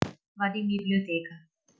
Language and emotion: Italian, neutral